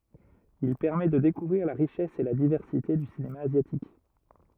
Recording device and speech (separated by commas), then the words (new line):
rigid in-ear microphone, read sentence
Il permet de découvrir la richesse et la diversité du cinéma asiatique.